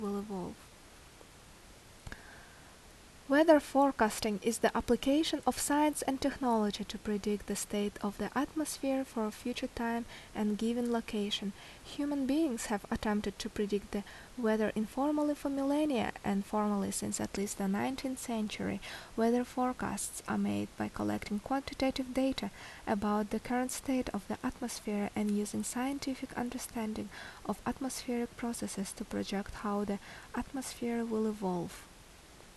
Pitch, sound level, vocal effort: 225 Hz, 74 dB SPL, normal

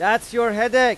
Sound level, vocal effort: 101 dB SPL, very loud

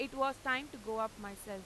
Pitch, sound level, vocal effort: 230 Hz, 95 dB SPL, loud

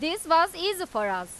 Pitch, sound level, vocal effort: 330 Hz, 97 dB SPL, very loud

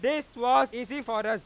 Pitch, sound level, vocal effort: 245 Hz, 106 dB SPL, very loud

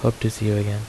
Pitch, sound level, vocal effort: 110 Hz, 75 dB SPL, soft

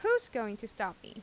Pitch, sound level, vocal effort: 225 Hz, 88 dB SPL, normal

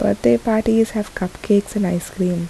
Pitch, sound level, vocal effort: 200 Hz, 73 dB SPL, soft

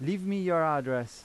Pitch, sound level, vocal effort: 155 Hz, 92 dB SPL, loud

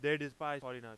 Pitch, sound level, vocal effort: 145 Hz, 99 dB SPL, very loud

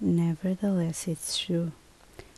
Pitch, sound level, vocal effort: 170 Hz, 70 dB SPL, soft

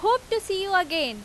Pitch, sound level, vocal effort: 390 Hz, 93 dB SPL, very loud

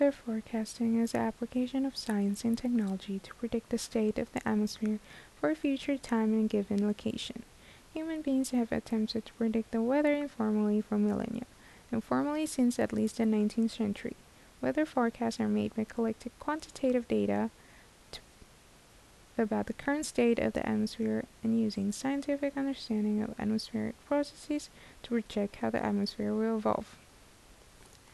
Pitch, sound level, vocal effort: 225 Hz, 75 dB SPL, soft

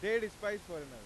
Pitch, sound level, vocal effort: 205 Hz, 102 dB SPL, very loud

